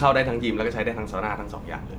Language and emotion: Thai, neutral